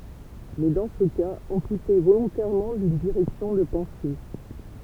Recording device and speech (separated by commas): temple vibration pickup, read sentence